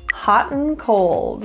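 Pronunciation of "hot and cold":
In 'hot and cold', 'and' is reduced to just an n sound.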